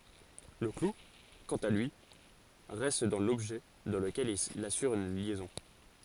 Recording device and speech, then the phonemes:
forehead accelerometer, read sentence
lə klu kɑ̃t a lyi ʁɛst dɑ̃ lɔbʒɛ dɑ̃ ləkɛl il asyʁ yn ljɛzɔ̃

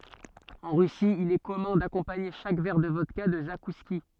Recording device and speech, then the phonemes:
soft in-ear microphone, read sentence
ɑ̃ ʁysi il ɛ kɔmœ̃ dakɔ̃paɲe ʃak vɛʁ də vɔdka də zakuski

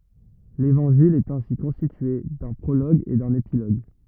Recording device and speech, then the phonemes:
rigid in-ear microphone, read sentence
levɑ̃ʒil ɛt ɛ̃si kɔ̃stitye dœ̃ pʁoloɡ e dœ̃n epiloɡ

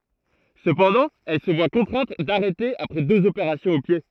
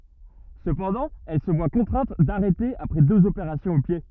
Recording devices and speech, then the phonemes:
throat microphone, rigid in-ear microphone, read sentence
səpɑ̃dɑ̃ ɛl sə vwa kɔ̃tʁɛ̃t daʁɛte apʁɛ døz opeʁasjɔ̃z o pje

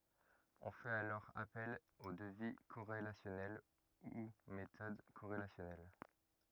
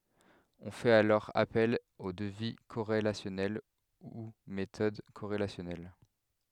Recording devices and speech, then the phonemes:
rigid in-ear microphone, headset microphone, read sentence
ɔ̃ fɛt alɔʁ apɛl o dəvi koʁelasjɔnɛl u metɔd koʁelasjɔnɛl

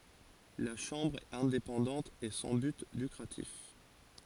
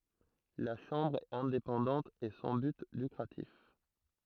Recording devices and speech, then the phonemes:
forehead accelerometer, throat microphone, read sentence
la ʃɑ̃bʁ ɛt ɛ̃depɑ̃dɑ̃t e sɑ̃ byt lykʁatif

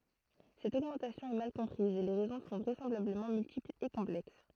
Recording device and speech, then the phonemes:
throat microphone, read sentence
sɛt oɡmɑ̃tasjɔ̃ ɛ mal kɔ̃pʁiz e le ʁɛzɔ̃ sɔ̃ vʁɛsɑ̃blabləmɑ̃ myltiplz e kɔ̃plɛks

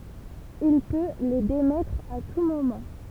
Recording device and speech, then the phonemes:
temple vibration pickup, read sentence
il pø le demɛtʁ a tu momɑ̃

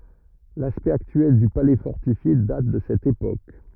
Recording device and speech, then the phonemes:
rigid in-ear microphone, read sentence
laspɛkt aktyɛl dy palɛ fɔʁtifje dat də sɛt epok

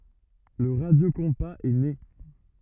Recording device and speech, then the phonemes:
rigid in-ear microphone, read sentence
lə ʁadjokɔ̃paz ɛ ne

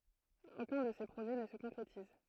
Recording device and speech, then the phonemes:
throat microphone, read sentence
okœ̃ də se pʁoʒɛ nə sə kɔ̃kʁetiz

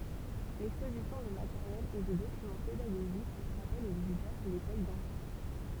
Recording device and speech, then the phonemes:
temple vibration pickup, read sentence
lɛkspozisjɔ̃ də mateʁjɛl e də dokymɑ̃ pedaɡoʒik ʁapɛl o vizitœʁ lekɔl dɑ̃tɑ̃

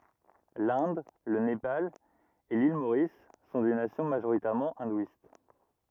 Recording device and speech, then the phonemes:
rigid in-ear microphone, read sentence
lɛ̃d lə nepal e lil moʁis sɔ̃ de nasjɔ̃ maʒoʁitɛʁmɑ̃ ɛ̃dwist

